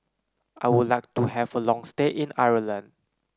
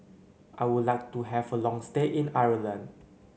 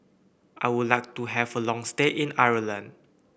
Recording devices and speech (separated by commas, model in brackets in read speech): close-talking microphone (WH30), mobile phone (Samsung C9), boundary microphone (BM630), read sentence